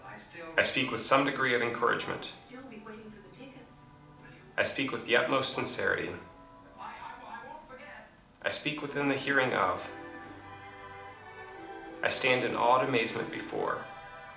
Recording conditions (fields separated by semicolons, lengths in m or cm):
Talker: one person; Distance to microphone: 2.0 m; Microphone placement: close; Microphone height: 99 cm; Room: medium-sized (5.7 m by 4.0 m); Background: television